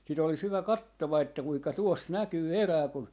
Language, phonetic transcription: Finnish, si't ‿olis 'hyvä "kattova että 'kuiŋka 'tuos "näkyy "erää kun ,.
- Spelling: sitten olisi hyvä kattoa että kuinka tuossa näkyy erää kun

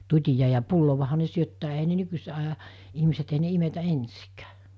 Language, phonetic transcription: Finnish, 'tut́ija ja 'pullovaha ne 'syöttää ei(ɦä) ne 'nykyset aja , ihmiset ei ne 'imetä "ensikᴀ̈ᴀ̈ .
- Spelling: tutilla ja pullollahan ne syöttää eihän ne nykyiset ajan ihmiset ei ne imetä ensinkään

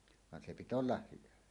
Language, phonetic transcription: Finnish, van se "pit ‿ollah 'hyvä .
- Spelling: vaan se pitää olla hyvä

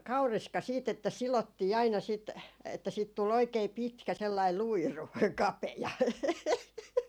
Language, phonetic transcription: Finnish, "kauriska siit ‿että 'silottii aina sit , että siit tul 'oikei 'pitkä , sellai 'luiru , 'kapeja .
- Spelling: kauriska sitten että sidottiin aina sitten että siitä tuli oikein pitkä sellainen luiru kapea

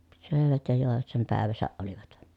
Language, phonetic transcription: Finnish, sö̀evät ja jòevat sem pä̀eväsäʼ ʼolivat .
- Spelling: söivät ja joivat sen päivänsä olivat

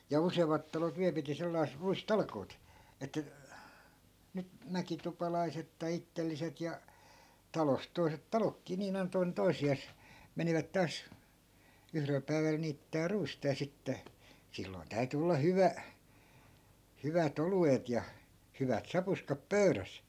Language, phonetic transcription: Finnish, ja 'useemmat talot 'viä(l) piti sellais(ᵗ) 'ruis"talkoot , ettᵃ̈ , nyt , 'mäkitupalaiset tai 'ittelliset ja , 'talost̆ toi̮set "talokkii niin ‿ainᵃ 'toinen "toisi₍às , 'menivät 'taas , 'yhrel päi̮väl niittää 'ruista ja 'sitte , silloi̮n 'täy̬ty olla "hyvä , 'hyvä't ‿olu₍et ja , 'hyvät 'sapuskap "pöyräs .
- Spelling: ja useammat talot vielä piti sellaiset ruistalkoot että nyt mäkitupalaiset tai itselliset ja talosta toiset taloonkin niin aina toinen toisiaan menivät taas yhdellä päivällä niittämään ruista ja sitten silloin täytyi olla hyvä hyvät oluet ja hyvät sapuskat pöydässä

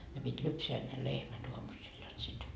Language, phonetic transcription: Finnish, ne pit́ 'lypseä ne 'lehmät uamusil jot sit ,.
- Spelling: ne piti lypsää ne lehmät aamusilla jotta sitten

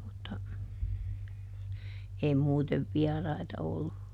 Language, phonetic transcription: Finnish, (mut)ta , ˈei muutev "viaraita ollu .
- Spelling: mutta ei muuten vieraita ollut

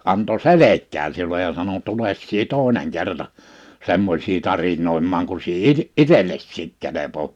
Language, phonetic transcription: Finnish, anto "selek̆kään siulej ja sano » 'tules sie "tòeneŋ 'kerta , 'semmośii 'tarinoimmaaŋ ku sie "i- , "'itelessiik kelepo[vaa] . «
- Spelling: antoi selkään sinulle ja sanoi tule sinä toinen kerta semmoisia tarinoimaan kun sinä - itsellesikin kelpaa

